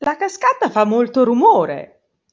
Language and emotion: Italian, surprised